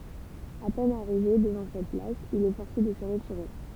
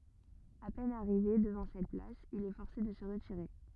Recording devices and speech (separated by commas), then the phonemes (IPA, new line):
temple vibration pickup, rigid in-ear microphone, read sentence
a pɛn aʁive dəvɑ̃ sɛt plas il ɛ fɔʁse də sə ʁətiʁe